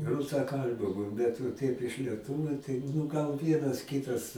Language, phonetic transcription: Lithuanian, rusaˈkalbiu ˈbet va ˈtaip iš lieˈtuviu tai nu gal ˈvienas ˈkitas

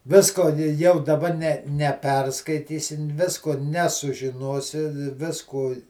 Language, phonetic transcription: Lithuanian, ˈvisko ni jau daˈba ne neˈperskaitysi ˈvisko nesužiˈnosi ˈviskū

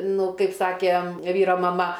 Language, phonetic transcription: Lithuanian, ˈnu ˈkaip ˈsakė ˈvyro maˈma

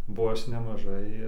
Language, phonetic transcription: Lithuanian, bo ˈaš nemaˈžai

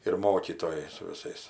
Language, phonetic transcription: Lithuanian, ir ˈmokytojai su viˈsais

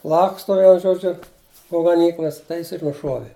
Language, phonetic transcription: Lithuanian, ˈlaksto ˈvienu ˈžodžiu po gaˈnyklas tai ˈjis ir nuˈšuovi

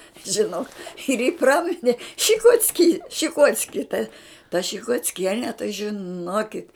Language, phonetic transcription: Lithuanian, žiˈnok ir jį ˈpramine šikocˈky šiˈkocki ta ta šikocˈkiene tai žiˈnokit

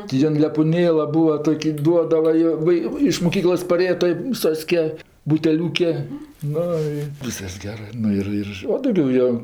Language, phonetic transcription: Lithuanian, ti ˈjin lepuˈnėla ˈbua ˈtoki ˈduodava jo ˈva i iš moˈkyklos paˈrėja toj ū ˈsoske buteˈliūke ˈnu i ˈvyskas ˈgerɜ ˈnu ir ir o dauˈgiau jo

